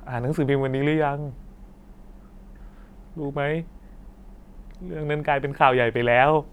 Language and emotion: Thai, sad